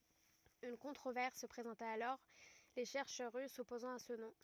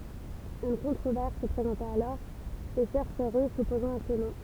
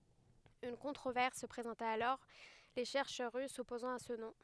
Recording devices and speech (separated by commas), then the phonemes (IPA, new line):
rigid in-ear microphone, temple vibration pickup, headset microphone, read sentence
yn kɔ̃tʁovɛʁs sə pʁezɑ̃ta alɔʁ le ʃɛʁʃœʁ ʁys sɔpozɑ̃t a sə nɔ̃